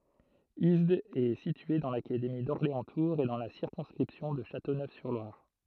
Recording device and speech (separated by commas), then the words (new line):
throat microphone, read sentence
Isdes est situé dans l'académie d'Orléans-Tours et dans la circonscription de Châteauneuf-sur-Loire.